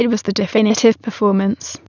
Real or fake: fake